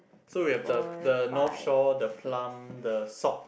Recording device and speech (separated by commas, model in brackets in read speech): boundary microphone, conversation in the same room